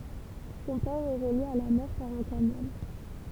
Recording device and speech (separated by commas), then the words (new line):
temple vibration pickup, read sentence
Son port est relié à la mer par un canal.